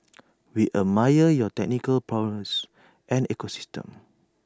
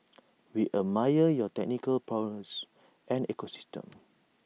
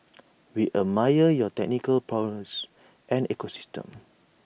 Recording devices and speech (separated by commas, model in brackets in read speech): standing microphone (AKG C214), mobile phone (iPhone 6), boundary microphone (BM630), read sentence